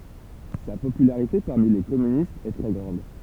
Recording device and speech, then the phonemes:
temple vibration pickup, read sentence
sa popylaʁite paʁmi le kɔmynistz ɛ tʁɛ ɡʁɑ̃d

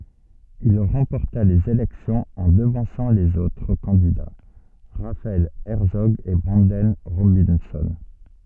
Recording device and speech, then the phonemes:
soft in-ear microphone, read sentence
il ʁɑ̃pɔʁta lez elɛksjɔ̃z ɑ̃ dəvɑ̃sɑ̃ lez otʁ kɑ̃dida ʁafaɛl ɛʁtsɔɡ e bʁɑ̃dɛn ʁobɛ̃sɔ̃

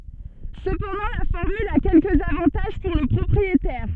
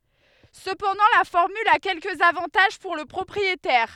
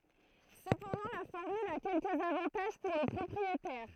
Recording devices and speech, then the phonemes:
soft in-ear microphone, headset microphone, throat microphone, read sentence
səpɑ̃dɑ̃ la fɔʁmyl a kɛlkəz avɑ̃taʒ puʁ lə pʁɔpʁietɛʁ

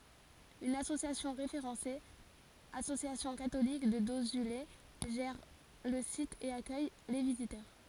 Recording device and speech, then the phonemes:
forehead accelerometer, read sentence
yn asosjasjɔ̃ ʁefeʁɑ̃se asosjasjɔ̃ katolik də dozyle ʒɛʁ lə sit e akœj le vizitœʁ

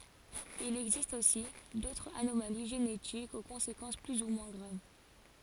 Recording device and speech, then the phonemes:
forehead accelerometer, read sentence
il ɛɡzist osi dotʁz anomali ʒenetikz o kɔ̃sekɑ̃s ply u mwɛ̃ ɡʁav

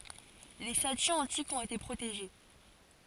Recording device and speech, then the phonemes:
forehead accelerometer, read sentence
le statyz ɑ̃tikz ɔ̃t ete pʁoteʒe

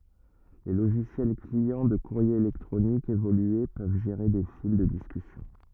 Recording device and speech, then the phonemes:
rigid in-ear microphone, read sentence
le loʒisjɛl kliɑ̃ də kuʁje elɛktʁonik evolye pøv ʒeʁe de fil də diskysjɔ̃

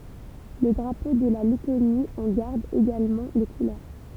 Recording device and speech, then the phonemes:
temple vibration pickup, read sentence
lə dʁapo də la lɛtoni ɑ̃ ɡaʁd eɡalmɑ̃ le kulœʁ

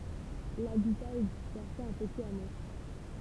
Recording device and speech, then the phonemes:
temple vibration pickup, read sentence
labita ɛ dispɛʁse ɑ̃ pətiz amo

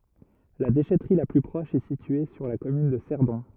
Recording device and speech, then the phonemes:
rigid in-ear microphone, read sentence
la deʃɛtʁi la ply pʁɔʃ ɛ sitye syʁ la kɔmyn də sɛʁdɔ̃

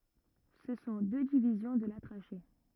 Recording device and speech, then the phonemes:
rigid in-ear microphone, read sentence
sə sɔ̃ dø divizjɔ̃ də la tʁaʃe

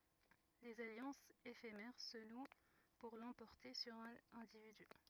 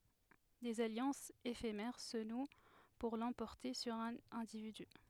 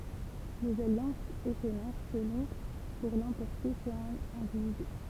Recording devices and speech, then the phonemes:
rigid in-ear microphone, headset microphone, temple vibration pickup, read sentence
dez aljɑ̃sz efemɛʁ sə nw puʁ lɑ̃pɔʁte syʁ œ̃n ɛ̃dividy

